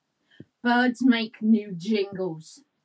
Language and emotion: English, angry